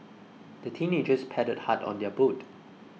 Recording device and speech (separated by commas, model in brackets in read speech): mobile phone (iPhone 6), read sentence